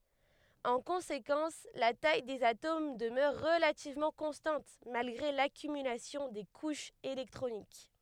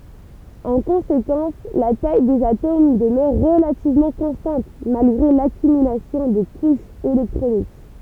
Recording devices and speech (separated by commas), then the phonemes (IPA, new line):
headset microphone, temple vibration pickup, read sentence
ɑ̃ kɔ̃sekɑ̃s la taj dez atom dəmœʁ ʁəlativmɑ̃ kɔ̃stɑ̃t malɡʁe lakymylasjɔ̃ de kuʃz elɛktʁonik